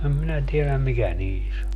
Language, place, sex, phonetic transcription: Finnish, Padasjoki, male, em 'minä tieläm 'mikä 'niis ‿o .
- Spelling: en minä tiedä mikä niissä on

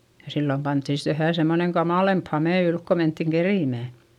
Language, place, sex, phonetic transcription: Finnish, Eurajoki, female, ja sillom pantti sit vähä̀ semmoneŋ kamàlemp hamè ylk ko menttiŋ kerimä̀ .
- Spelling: ja silloin pantiin sitten vähän semmoinen kamalampi hame ylle kun mentiin keritsemään

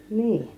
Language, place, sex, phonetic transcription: Finnish, Kiihtelysvaara, female, 'nii .
- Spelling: niin

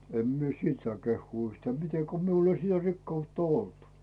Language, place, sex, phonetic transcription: Finnish, Rautu, male, 'em mie "siit saa 'kehhuu yhtää mite ko 'miul ‿ei 'sitä 'rikkautta "olt .
- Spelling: en minä sitten saa kehua yhtään miten kun minulla ei sitä rikkautta ollut

